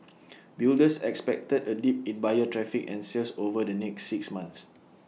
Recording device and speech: mobile phone (iPhone 6), read sentence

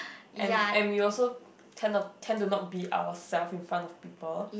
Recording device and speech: boundary microphone, conversation in the same room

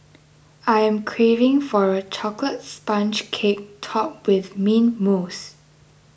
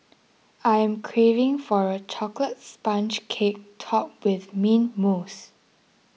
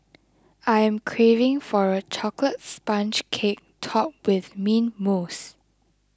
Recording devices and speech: boundary microphone (BM630), mobile phone (iPhone 6), close-talking microphone (WH20), read sentence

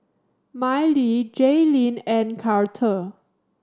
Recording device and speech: standing microphone (AKG C214), read sentence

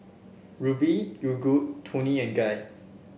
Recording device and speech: boundary microphone (BM630), read sentence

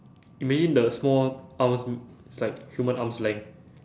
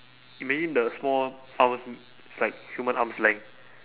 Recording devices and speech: standing microphone, telephone, conversation in separate rooms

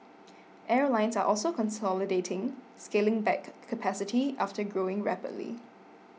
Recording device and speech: mobile phone (iPhone 6), read sentence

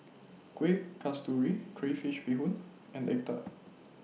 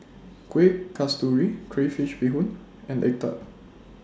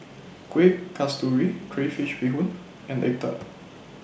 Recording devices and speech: mobile phone (iPhone 6), standing microphone (AKG C214), boundary microphone (BM630), read sentence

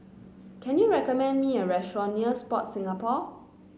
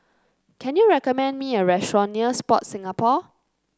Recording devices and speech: mobile phone (Samsung C9), close-talking microphone (WH30), read sentence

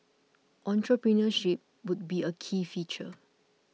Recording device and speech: mobile phone (iPhone 6), read sentence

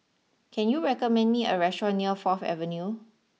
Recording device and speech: mobile phone (iPhone 6), read sentence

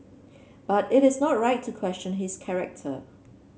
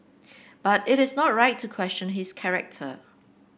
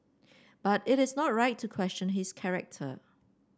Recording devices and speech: mobile phone (Samsung C7), boundary microphone (BM630), standing microphone (AKG C214), read sentence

